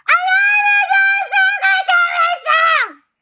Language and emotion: English, sad